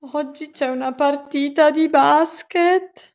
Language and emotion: Italian, fearful